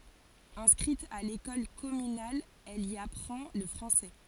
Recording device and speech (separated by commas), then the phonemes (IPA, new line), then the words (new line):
forehead accelerometer, read sentence
ɛ̃skʁit a lekɔl kɔmynal ɛl i apʁɑ̃ lə fʁɑ̃sɛ
Inscrite à l'école communale, elle y apprend le français.